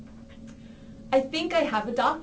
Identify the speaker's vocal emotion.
neutral